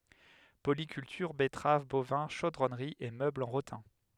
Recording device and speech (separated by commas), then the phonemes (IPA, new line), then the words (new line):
headset microphone, read sentence
polikyltyʁ bɛtʁav bovɛ̃ ʃodʁɔnʁi e møblz ɑ̃ ʁotɛ̃
Polyculture, betteraves, bovins, chaudronnerie et meubles en rotin.